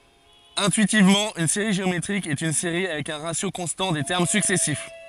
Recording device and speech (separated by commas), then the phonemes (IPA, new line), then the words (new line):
forehead accelerometer, read sentence
ɛ̃tyitivmɑ̃ yn seʁi ʒeometʁik ɛt yn seʁi avɛk œ̃ ʁasjo kɔ̃stɑ̃ de tɛʁm syksɛsif
Intuitivement, une série géométrique est une série avec un ratio constant des termes successifs.